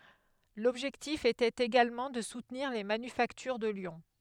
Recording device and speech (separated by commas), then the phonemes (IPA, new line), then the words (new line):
headset microphone, read sentence
lɔbʒɛktif etɛt eɡalmɑ̃ də sutniʁ le manyfaktyʁ də ljɔ̃
L'objectif était également de soutenir les manufactures de Lyon.